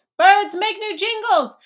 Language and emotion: English, surprised